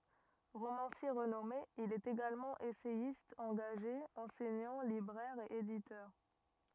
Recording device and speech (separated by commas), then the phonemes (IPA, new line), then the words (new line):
rigid in-ear microphone, read sentence
ʁomɑ̃sje ʁənɔme il ɛt eɡalmɑ̃ esɛjist ɑ̃ɡaʒe ɑ̃sɛɲɑ̃ libʁɛʁ e editœʁ
Romancier renommé, il est également essayiste engagé, enseignant, libraire et éditeur.